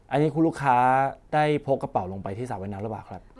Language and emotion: Thai, neutral